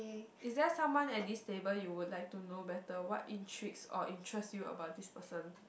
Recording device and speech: boundary microphone, conversation in the same room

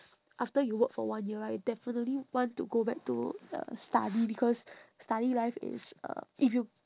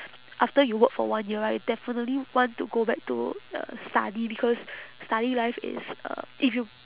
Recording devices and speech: standing microphone, telephone, conversation in separate rooms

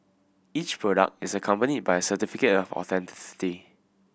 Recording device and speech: boundary microphone (BM630), read sentence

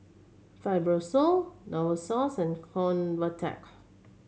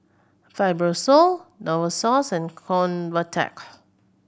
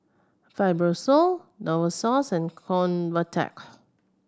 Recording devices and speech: mobile phone (Samsung C7100), boundary microphone (BM630), standing microphone (AKG C214), read sentence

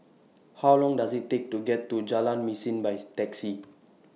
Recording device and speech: mobile phone (iPhone 6), read sentence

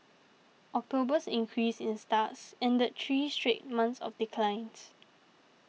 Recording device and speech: mobile phone (iPhone 6), read sentence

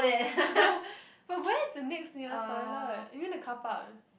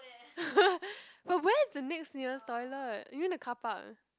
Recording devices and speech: boundary microphone, close-talking microphone, conversation in the same room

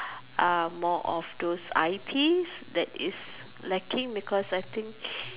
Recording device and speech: telephone, conversation in separate rooms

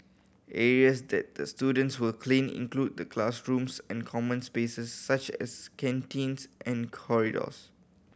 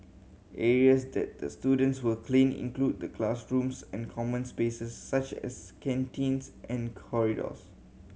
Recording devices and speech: boundary microphone (BM630), mobile phone (Samsung C7100), read sentence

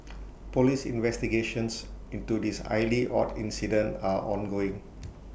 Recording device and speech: boundary microphone (BM630), read sentence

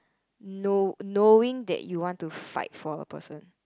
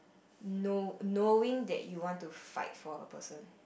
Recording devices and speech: close-talking microphone, boundary microphone, conversation in the same room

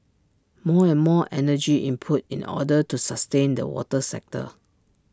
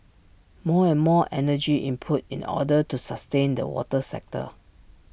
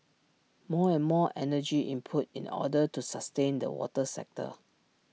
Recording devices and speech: standing microphone (AKG C214), boundary microphone (BM630), mobile phone (iPhone 6), read sentence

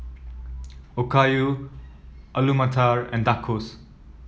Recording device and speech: mobile phone (iPhone 7), read sentence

